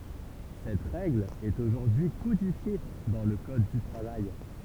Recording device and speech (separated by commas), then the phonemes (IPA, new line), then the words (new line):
temple vibration pickup, read sentence
sɛt ʁɛɡl ɛt oʒuʁdyi kodifje dɑ̃ lə kɔd dy tʁavaj
Cette règle est aujourd'hui codifiée dans le code du travail.